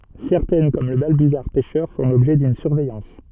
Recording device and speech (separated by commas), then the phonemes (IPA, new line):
soft in-ear microphone, read sentence
sɛʁtɛn kɔm lə balbyzaʁ pɛʃœʁ fɔ̃ lɔbʒɛ dyn syʁvɛjɑ̃s